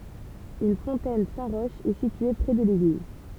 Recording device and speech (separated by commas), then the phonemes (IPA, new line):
temple vibration pickup, read sentence
yn fɔ̃tɛn sɛ̃ ʁɔʃ ɛ sitye pʁɛ də leɡliz